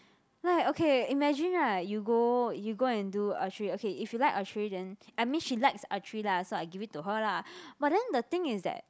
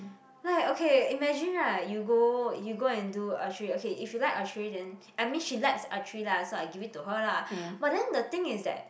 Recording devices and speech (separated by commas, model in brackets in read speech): close-talking microphone, boundary microphone, conversation in the same room